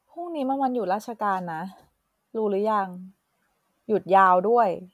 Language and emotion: Thai, neutral